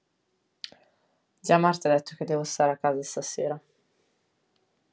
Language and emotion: Italian, sad